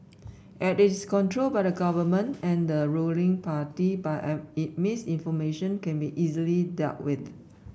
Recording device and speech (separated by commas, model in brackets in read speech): boundary microphone (BM630), read sentence